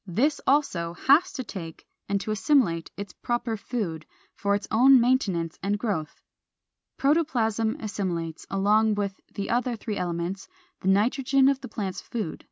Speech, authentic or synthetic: authentic